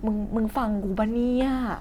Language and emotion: Thai, frustrated